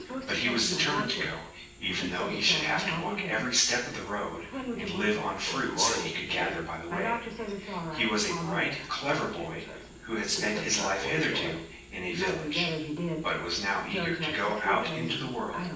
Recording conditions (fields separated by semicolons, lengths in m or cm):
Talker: one person; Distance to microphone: 9.8 m; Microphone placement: far; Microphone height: 1.8 m; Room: large; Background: television